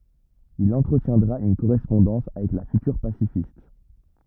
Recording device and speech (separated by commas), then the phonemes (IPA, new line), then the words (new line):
rigid in-ear microphone, read sentence
il ɑ̃tʁətjɛ̃dʁa yn koʁɛspɔ̃dɑ̃s avɛk la fytyʁ pasifist
Il entretiendra une correspondance avec la future pacifiste.